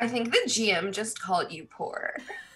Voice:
rich bitch voice